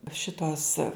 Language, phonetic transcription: Lithuanian, ˈšitos

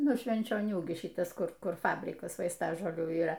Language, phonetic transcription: Lithuanian, ˈnu švenčioˈnių gi ˈšitas ˈkur ˈkur ˈfabrikas vaisˈtažolių yˈra

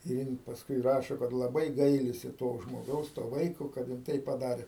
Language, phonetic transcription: Lithuanian, ir ˈjin pasˈkui ˈrašo kad laˈbai ˈgailisi to žmoˈgaus to ˈvaiko kad jin ˈtaip paˈdarė

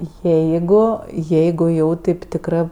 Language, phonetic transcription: Lithuanian, ˈjeigu ˈjeigu jau ˈtėp tikˈrɜ

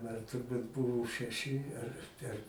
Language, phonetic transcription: Lithuanian, ˈman turˈbūt ˈbuvo šeˈši ar ˈten

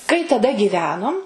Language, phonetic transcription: Lithuanian, kai taˈda gyˈvenom

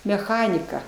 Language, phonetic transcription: Lithuanian, meˈchanika

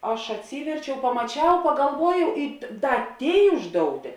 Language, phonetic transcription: Lithuanian, ˈaš atˈsyverčiau pamaˈčiau pagalˈvuojau i ˈda ˈtėi ˈuždouˌtė

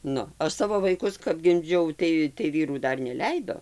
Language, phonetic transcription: Lithuanian, ˈnu ˈaš ˈsavo vaiˈkus kap gimˈdžiau ˈtai tai ˈvyrų ˈdar neˈleido

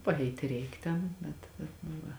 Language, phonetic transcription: Lithuanian, paˈeiti ˈreik ˈten bet bet nu ˈva

